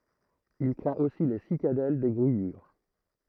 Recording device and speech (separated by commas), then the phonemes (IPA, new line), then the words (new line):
throat microphone, read sentence
il kʁɛ̃t osi le sikadɛl de ɡʁijyʁ
Il craint aussi les cicadelles des grillures.